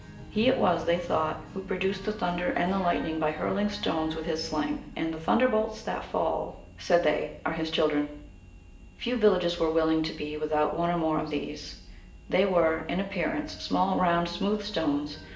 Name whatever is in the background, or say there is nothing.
Music.